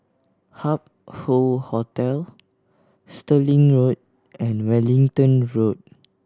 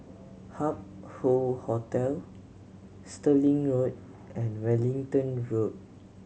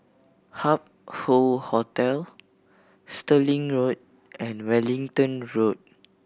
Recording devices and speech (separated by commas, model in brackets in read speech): standing microphone (AKG C214), mobile phone (Samsung C7100), boundary microphone (BM630), read sentence